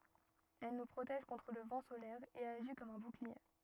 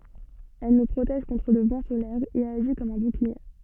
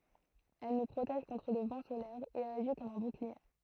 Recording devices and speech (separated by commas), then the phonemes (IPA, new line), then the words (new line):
rigid in-ear microphone, soft in-ear microphone, throat microphone, read sentence
ɛl nu pʁotɛʒ kɔ̃tʁ lə vɑ̃ solɛʁ e aʒi kɔm œ̃ buklie
Elle nous protège contre le vent solaire et agit comme un bouclier.